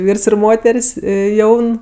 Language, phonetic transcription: Lithuanian, ˈvyrs ir ˈmoter's' ˈjaun

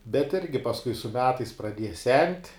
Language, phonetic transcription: Lithuanian, bet ˈirgi pasˈkui su ˈmetais praˈdieja sent'

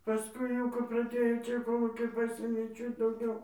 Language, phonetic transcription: Lithuanian, paˈskui jau kap praˈdėjo ˈčia koˈlūkiai ˈpasėmė ˈčia dauˈgiau

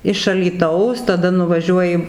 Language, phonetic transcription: Lithuanian, iš alyˈtaus taˈda nuvaˈžiuoji

